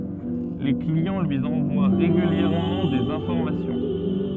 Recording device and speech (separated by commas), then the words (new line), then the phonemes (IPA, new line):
soft in-ear microphone, read sentence
Les clients lui envoient régulièrement des informations.
le kliɑ̃ lyi ɑ̃vwa ʁeɡyljɛʁmɑ̃ dez ɛ̃fɔʁmasjɔ̃